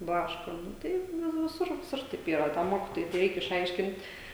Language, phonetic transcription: Lithuanian, ˈblaško ˈnu ˈtaip vi viˈsur viˈsur taip ˈyra tam ˈmokitojui te ˈreik išˈaiškint'

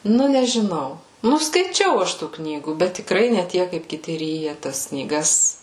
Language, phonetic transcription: Lithuanian, ˈnu nežiˈnau ˈnu skaiˈčiau ˈaš ˈtų ˈknygų bet tikˈrai ne ˈtiek kaip kiˈti ˈryja tas knyˈgas

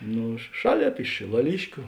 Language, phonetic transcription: Lithuanian, ˈnu ˈšaˌlėp iš šilaˈliškiu

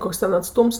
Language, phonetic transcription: Lithuanian, ˈkoks ˈten atˈstums

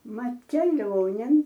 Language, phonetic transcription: Lithuanian, ˈmat keˈlionėn

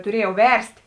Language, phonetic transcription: Lithuanian, tuˈriejau ˈverst'

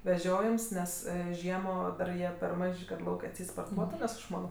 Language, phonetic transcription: Lithuanian, veˈžiojems ˈnes ˈžiemo dar ˈjie per ˈmaž' ka ˈlauk' atˈseit sporˈtuotu nes aš ˈmano

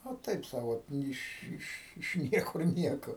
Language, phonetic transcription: Lithuanian, a ˈtaip ˈsau ˈot iš ˈiš iš ˈniekur ˈnieko

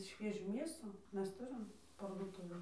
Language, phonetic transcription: Lithuanian, ˈšviežių ˈmėsų ˈmes ˈturim parduoˈtuvėn

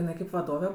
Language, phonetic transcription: Lithuanian, iˈnai kaip vaˈdove

